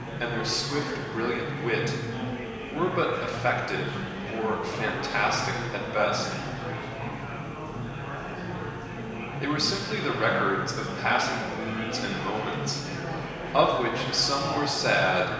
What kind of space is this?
A big, echoey room.